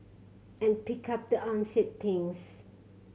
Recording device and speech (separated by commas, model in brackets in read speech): mobile phone (Samsung C7100), read sentence